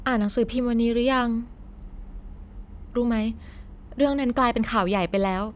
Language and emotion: Thai, frustrated